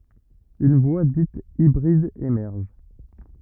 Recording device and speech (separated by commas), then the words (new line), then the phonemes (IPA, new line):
rigid in-ear microphone, read sentence
Une voie dite hybride émerge.
yn vwa dit ibʁid emɛʁʒ